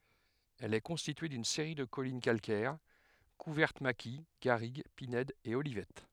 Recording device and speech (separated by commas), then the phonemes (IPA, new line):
headset microphone, read sentence
ɛl ɛ kɔ̃stitye dyn seʁi də kɔlin kalkɛʁ kuvɛʁt maki ɡaʁiɡ pinɛdz e olivɛt